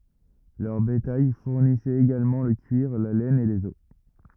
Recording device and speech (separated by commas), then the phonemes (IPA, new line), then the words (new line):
rigid in-ear microphone, read sentence
lœʁ betaj fuʁnisɛt eɡalmɑ̃ lə kyiʁ la lɛn e lez ɔs
Leur bétail fournissait également le cuir, la laine et les os.